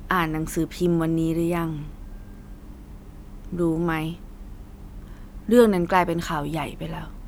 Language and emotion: Thai, neutral